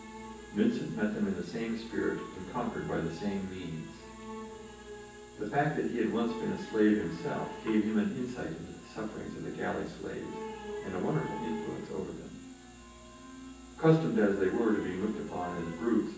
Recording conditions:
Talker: one person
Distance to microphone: 9.8 m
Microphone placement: far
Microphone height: 1.8 m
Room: large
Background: television

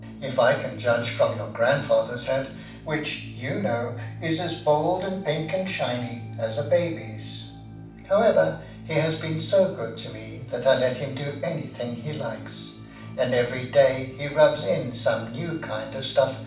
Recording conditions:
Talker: one person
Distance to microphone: 5.8 m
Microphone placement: far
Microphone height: 1.8 m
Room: medium-sized (5.7 m by 4.0 m)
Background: music

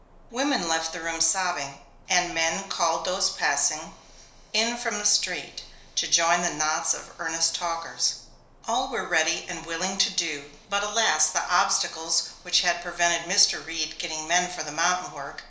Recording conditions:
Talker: one person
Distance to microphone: 1.0 m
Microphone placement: close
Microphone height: 1.1 m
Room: small (3.7 m by 2.7 m)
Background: none

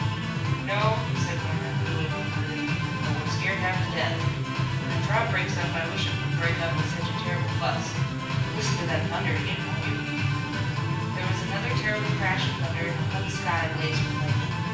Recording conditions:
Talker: one person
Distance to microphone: 9.8 m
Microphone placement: far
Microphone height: 1.8 m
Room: large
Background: music

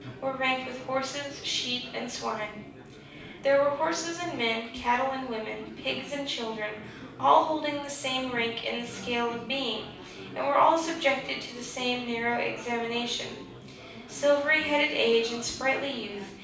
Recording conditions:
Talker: one person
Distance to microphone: 5.8 m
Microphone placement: far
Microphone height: 1.8 m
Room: medium-sized (5.7 m by 4.0 m)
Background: babble

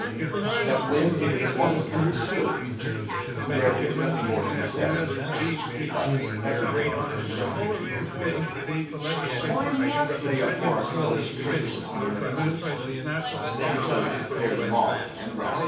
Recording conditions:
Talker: one person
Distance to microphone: 9.8 m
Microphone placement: far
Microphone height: 1.8 m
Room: large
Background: babble

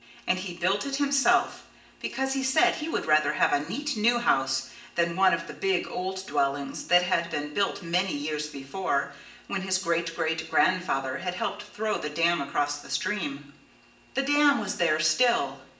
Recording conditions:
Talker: one person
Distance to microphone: 1.8 m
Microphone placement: close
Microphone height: 1.0 m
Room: large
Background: none

